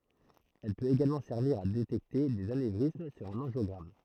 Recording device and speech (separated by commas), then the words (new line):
throat microphone, read sentence
Elle peut également servir à détecter des anévrismes sur un angiogramme.